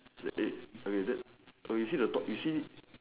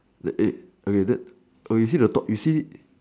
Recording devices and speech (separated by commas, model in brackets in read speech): telephone, standing microphone, conversation in separate rooms